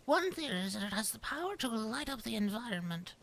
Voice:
Silly Yet Studious Voice